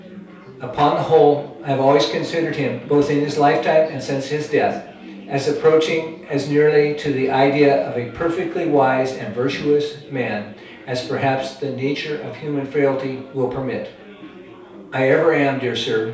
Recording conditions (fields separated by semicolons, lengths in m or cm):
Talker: one person; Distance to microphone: 3.0 m; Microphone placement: far; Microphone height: 1.8 m; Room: small (3.7 m by 2.7 m); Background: babble